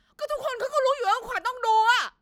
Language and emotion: Thai, angry